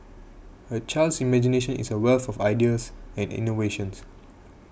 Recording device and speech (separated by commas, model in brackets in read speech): boundary microphone (BM630), read sentence